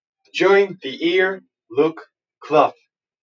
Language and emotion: English, happy